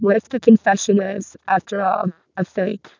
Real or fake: fake